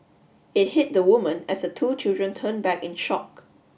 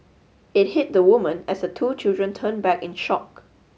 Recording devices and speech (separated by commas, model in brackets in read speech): boundary microphone (BM630), mobile phone (Samsung S8), read sentence